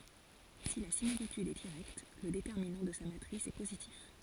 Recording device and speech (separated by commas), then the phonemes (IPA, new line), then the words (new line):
forehead accelerometer, read sentence
si la similityd ɛ diʁɛkt lə detɛʁminɑ̃ də sa matʁis ɛ pozitif
Si la similitude est directe, le déterminant de sa matrice est positif.